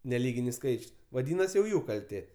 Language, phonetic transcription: Lithuanian, neˈlyginis ˈskaičius vaˈdynasi jau ˈjų kalˈtė

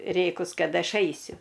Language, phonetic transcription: Lithuanian, ˈrėkus ˈkad ˈaš ˈaisiu

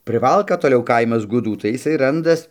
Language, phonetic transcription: Lithuanian, priˈvalka toˈliau ˈkaimas guˈdų tai jiˈsai ˈrandas

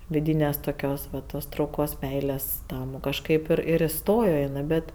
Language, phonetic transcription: Lithuanian, viˈdynės toˈkios va ˈtos trauˈkos ˈmeilės ˈtam kažˈkaip ˈir ir iˈstojo iˈnɜ ˈbet

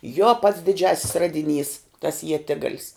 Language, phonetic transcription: Lithuanian, jo pats diˈdžiasis ˈradiˌnys tas ieˈtigalis

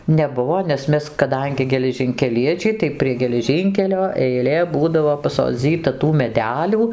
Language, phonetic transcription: Lithuanian, neˈbuvo nes ˈmes kaˈdangi geležinkeˈliečiai tai prie geleˈžynkelio eiˈlė ˈbūdavo pasoˈdzyta tų meˈdelių

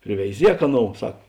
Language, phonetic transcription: Lithuanian, priveiˈziek ˈaˌnou ˈsak

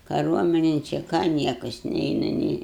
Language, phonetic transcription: Lithuanian, kaˈruominin čia ˈką ˈniekas ˈneina nei

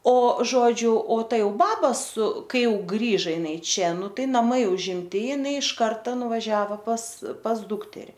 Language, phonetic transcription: Lithuanian, o ˈžodžiu o ˈta ˈjau ˈbaba su ˈkai ˈjau ˈgrįža jiˈnai ˈčia ˈnu ˈtai naˈmai užimˈti jiˈnai iš ˈkarta nuvaˈžiavo pas pas ˈdukteri

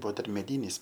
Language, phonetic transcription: Lithuanian, ˈbuvo ˈdar ˈmedynis

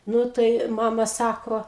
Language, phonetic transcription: Lithuanian, ˈnu tai ˈmama ˈsako

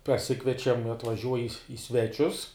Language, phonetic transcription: Lithuanian, paˈsikviečiam atvaˈžiuoj i ˈi sveˌčius

